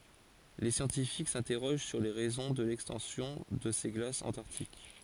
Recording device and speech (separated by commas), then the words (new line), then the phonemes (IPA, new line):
forehead accelerometer, read sentence
Les scientifiques s'interrogent sur les raisons de l'extension de ces glaces antarctiques.
le sjɑ̃tifik sɛ̃tɛʁoʒ syʁ le ʁɛzɔ̃ də lɛkstɑ̃sjɔ̃ də se ɡlasz ɑ̃taʁtik